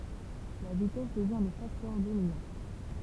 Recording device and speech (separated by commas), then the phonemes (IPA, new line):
temple vibration pickup, read sentence
la vitɛs dəvjɛ̃ lə faktœʁ dominɑ̃